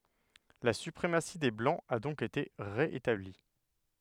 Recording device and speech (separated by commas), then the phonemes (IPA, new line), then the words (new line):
headset microphone, read sentence
la sypʁemasi de blɑ̃z a dɔ̃k ete ʁe etabli
La suprématie des blancs a donc été ré-établie.